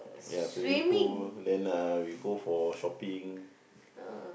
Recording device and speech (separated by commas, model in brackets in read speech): boundary microphone, conversation in the same room